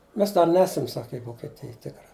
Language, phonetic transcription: Lithuanian, ˈmes ˈdar ˈnesam sak' i vokeˈtij ˈtikra

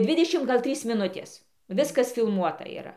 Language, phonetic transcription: Lithuanian, ˈdvidešim ˈgal ˈtrys miˈnutės ˈviskas filˈmuota yˈra

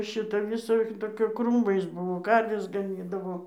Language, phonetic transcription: Lithuanian, ˈšita viˈsa toˈkia ˈkrūmais ˈbuvo ˈkarves gaˈnydavo

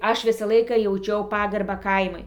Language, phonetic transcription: Lithuanian, ˈaš ˈvisą ˈlaiką jauˈčiau ˈpagarbą ˈkaimui

